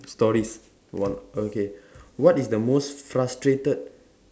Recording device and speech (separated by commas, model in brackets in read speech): standing microphone, conversation in separate rooms